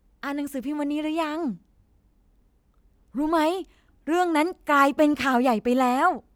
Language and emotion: Thai, happy